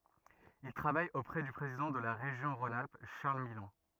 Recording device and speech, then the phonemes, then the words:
rigid in-ear microphone, read sentence
il tʁavaj opʁɛ dy pʁezidɑ̃ də la ʁeʒjɔ̃ ʁɔ̃n alp ʃaʁl milɔ̃
Il travaille auprès du président de la région Rhône-Alpes, Charles Millon.

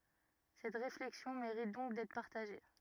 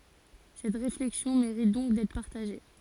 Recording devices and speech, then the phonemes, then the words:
rigid in-ear microphone, forehead accelerometer, read sentence
sɛt ʁeflɛksjɔ̃ meʁit dɔ̃k dɛtʁ paʁtaʒe
Cette réflexion mérite donc d'être partagée.

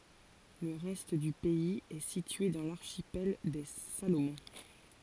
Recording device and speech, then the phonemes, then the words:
forehead accelerometer, read sentence
lə ʁɛst dy pɛiz ɛ sitye dɑ̃ laʁʃipɛl de salomɔ̃
Le reste du pays est situé dans l'archipel des Salomon.

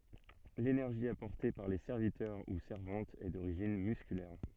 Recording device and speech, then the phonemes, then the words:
soft in-ear microphone, read sentence
lenɛʁʒi apɔʁte paʁ le sɛʁvitœʁ u sɛʁvɑ̃tz ɛ doʁiʒin myskylɛʁ
L’énergie apportée par les serviteurs ou servantes est d'origine musculaire.

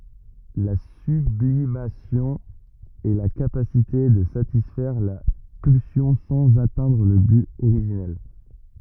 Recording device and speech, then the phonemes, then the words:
rigid in-ear microphone, read sentence
la syblimasjɔ̃ ɛ la kapasite də satisfɛʁ la pylsjɔ̃ sɑ̃z atɛ̃dʁ lə byt oʁiʒinɛl
La sublimation est la capacité de satisfaire la pulsion sans atteindre le but originel.

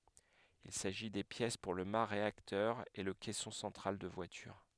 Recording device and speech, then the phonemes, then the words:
headset microphone, read sentence
il saʒi de pjɛs puʁ lə ma ʁeaktœʁ e lə kɛsɔ̃ sɑ̃tʁal də vwalyʁ
Il s'agit des pièces pour le mât réacteur et le caisson central de voilure.

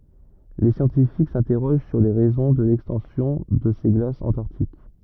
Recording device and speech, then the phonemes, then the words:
rigid in-ear microphone, read sentence
le sjɑ̃tifik sɛ̃tɛʁoʒ syʁ le ʁɛzɔ̃ də lɛkstɑ̃sjɔ̃ də se ɡlasz ɑ̃taʁtik
Les scientifiques s'interrogent sur les raisons de l'extension de ces glaces antarctiques.

